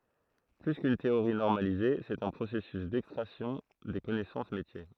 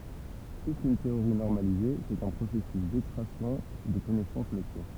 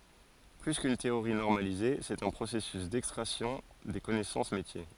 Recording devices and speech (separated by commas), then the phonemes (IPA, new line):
throat microphone, temple vibration pickup, forehead accelerometer, read sentence
ply kyn teoʁi nɔʁmalize sɛt œ̃ pʁosɛsys dɛkstʁaksjɔ̃ de kɔnɛsɑ̃s metje